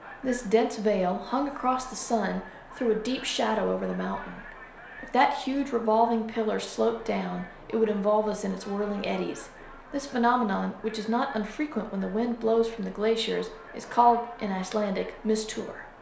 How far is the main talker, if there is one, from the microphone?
1.0 m.